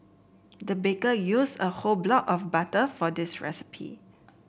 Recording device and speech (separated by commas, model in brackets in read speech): boundary microphone (BM630), read sentence